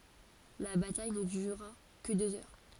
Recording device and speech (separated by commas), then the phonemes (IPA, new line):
forehead accelerometer, read sentence
la bataj nə dyʁa kə døz œʁ